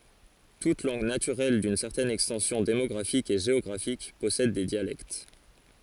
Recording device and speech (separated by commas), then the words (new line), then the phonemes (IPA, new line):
forehead accelerometer, read sentence
Toute langue naturelle d'une certaine extension démographique et géographique possède des dialectes.
tut lɑ̃ɡ natyʁɛl dyn sɛʁtɛn ɛkstɑ̃sjɔ̃ demɔɡʁafik e ʒeɔɡʁafik pɔsɛd de djalɛkt